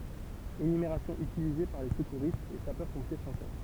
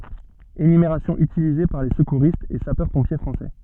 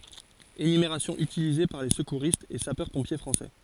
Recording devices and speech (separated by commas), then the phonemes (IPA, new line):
temple vibration pickup, soft in-ear microphone, forehead accelerometer, read sentence
enymeʁasjɔ̃ ytilize paʁ le səkuʁistz e sapœʁspɔ̃pje fʁɑ̃sɛ